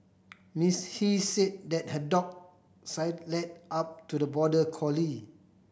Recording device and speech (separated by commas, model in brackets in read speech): boundary microphone (BM630), read sentence